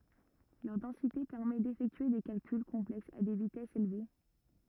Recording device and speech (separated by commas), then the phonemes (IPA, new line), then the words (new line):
rigid in-ear microphone, read sentence
lœʁ dɑ̃site pɛʁmɛ defɛktye de kalkyl kɔ̃plɛksz a de vitɛsz elve
Leur densité permet d'effectuer des calculs complexes à des vitesses élevées.